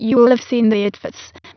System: TTS, waveform concatenation